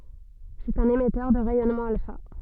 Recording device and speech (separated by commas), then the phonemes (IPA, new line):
soft in-ear microphone, read sentence
sɛt œ̃n emɛtœʁ də ʁɛjɔnmɑ̃ alfa